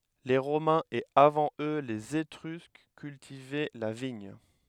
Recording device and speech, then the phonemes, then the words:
headset microphone, read sentence
le ʁomɛ̃z e avɑ̃ ø lez etʁysk kyltivɛ la viɲ
Les Romains et avant eux les Étrusques cultivaient la vigne.

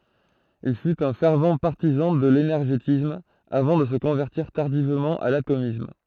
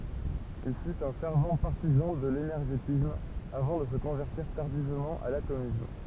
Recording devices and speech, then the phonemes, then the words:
throat microphone, temple vibration pickup, read sentence
il fyt œ̃ fɛʁv paʁtizɑ̃ də lenɛʁʒetism avɑ̃ də sə kɔ̃vɛʁtiʁ taʁdivmɑ̃ a latomism
Il fut un fervent partisan de l'énergétisme, avant de se convertir tardivement à l'atomisme.

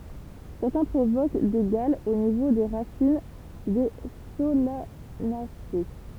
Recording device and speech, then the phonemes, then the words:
temple vibration pickup, read sentence
sɛʁtɛ̃ pʁovok de ɡalz o nivo de ʁasin de solanase
Certains provoquent des gales au niveau des racines des Solanacées.

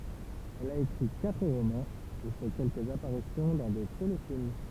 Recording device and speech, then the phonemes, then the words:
temple vibration pickup, read sentence
ɛl a ekʁi katʁ ʁomɑ̃z e fɛ kɛlkəz apaʁisjɔ̃ dɑ̃ de telefilm
Elle a écrit quatre romans et fait quelques apparitions dans des téléfilms.

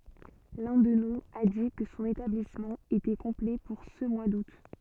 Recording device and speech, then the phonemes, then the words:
soft in-ear microphone, read sentence
lœ̃ dø nuz a di kə sɔ̃n etablismɑ̃ etɛ kɔ̃plɛ puʁ sə mwa dut
L'un d'eux nous a dit que son établissement était complet pour ce mois d'août.

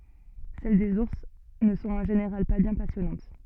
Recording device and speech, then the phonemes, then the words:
soft in-ear microphone, read sentence
sɛl dez uʁs nə sɔ̃t ɑ̃ ʒeneʁal pa bjɛ̃ pasjɔnɑ̃t
Celles des ours ne sont en général pas bien passionnantes.

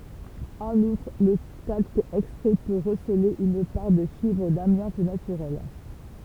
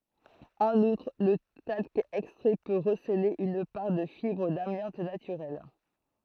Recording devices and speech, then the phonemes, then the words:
temple vibration pickup, throat microphone, read sentence
ɑ̃n utʁ lə talk ɛkstʁɛ pø ʁəsəle yn paʁ də fibʁ damjɑ̃t natyʁɛl
En outre, le talc extrait peut receler une part de fibres d'amiante naturelle.

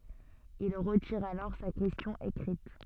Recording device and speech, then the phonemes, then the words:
soft in-ear microphone, read sentence
il ʁətiʁ alɔʁ sa kɛstjɔ̃ ekʁit
Il retire alors sa question écrite.

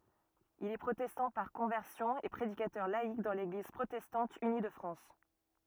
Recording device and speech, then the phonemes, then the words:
rigid in-ear microphone, read sentence
il ɛ pʁotɛstɑ̃ paʁ kɔ̃vɛʁsjɔ̃ e pʁedikatœʁ laik dɑ̃ leɡliz pʁotɛstɑ̃t yni də fʁɑ̃s
Il est protestant par conversion et prédicateur laïc dans l'Église protestante unie de France.

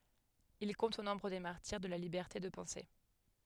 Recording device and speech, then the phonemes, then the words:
headset microphone, read sentence
il kɔ̃t o nɔ̃bʁ de maʁtiʁ də la libɛʁte də pɑ̃se
Il compte au nombre des martyrs de la liberté de penser.

